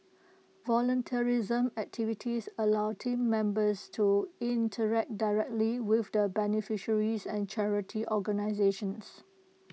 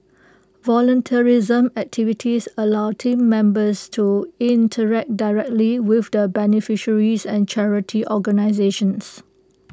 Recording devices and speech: mobile phone (iPhone 6), close-talking microphone (WH20), read sentence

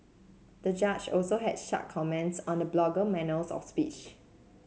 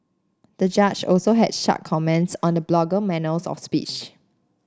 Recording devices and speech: mobile phone (Samsung C7), standing microphone (AKG C214), read sentence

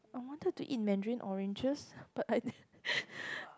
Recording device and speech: close-talking microphone, conversation in the same room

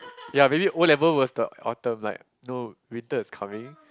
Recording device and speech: close-talking microphone, conversation in the same room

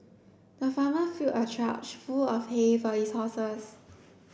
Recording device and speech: boundary microphone (BM630), read sentence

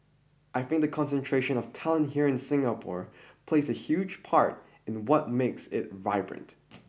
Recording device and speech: boundary microphone (BM630), read sentence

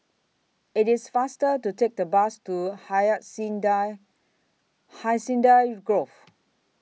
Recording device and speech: mobile phone (iPhone 6), read sentence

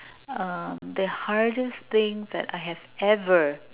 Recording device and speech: telephone, conversation in separate rooms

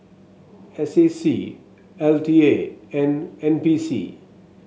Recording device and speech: mobile phone (Samsung S8), read sentence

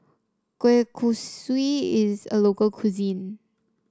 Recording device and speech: standing microphone (AKG C214), read sentence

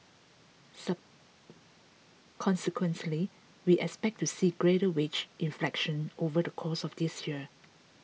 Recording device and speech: mobile phone (iPhone 6), read sentence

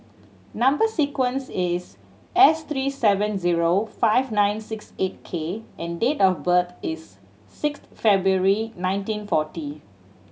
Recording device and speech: mobile phone (Samsung C7100), read sentence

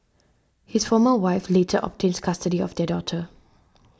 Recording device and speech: standing microphone (AKG C214), read sentence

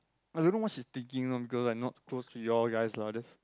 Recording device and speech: close-talking microphone, conversation in the same room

